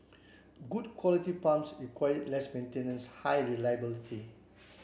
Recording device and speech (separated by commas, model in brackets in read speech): boundary microphone (BM630), read sentence